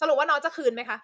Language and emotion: Thai, angry